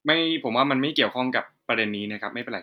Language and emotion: Thai, neutral